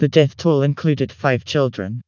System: TTS, vocoder